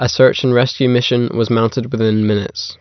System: none